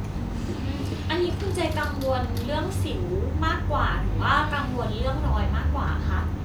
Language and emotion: Thai, neutral